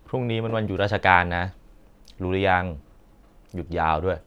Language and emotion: Thai, neutral